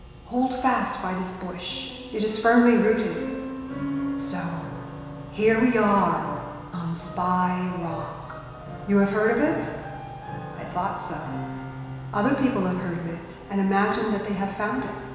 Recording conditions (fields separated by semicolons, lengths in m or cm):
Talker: one person; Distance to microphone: 1.7 m; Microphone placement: close; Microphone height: 1.0 m; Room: very reverberant, large; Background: music